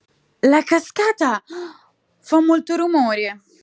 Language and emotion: Italian, surprised